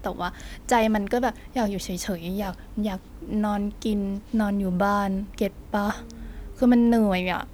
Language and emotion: Thai, frustrated